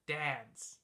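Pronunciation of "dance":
'Dance' is said with the short A vowel.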